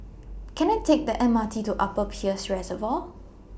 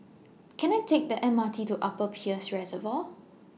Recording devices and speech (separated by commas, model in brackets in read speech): boundary microphone (BM630), mobile phone (iPhone 6), read sentence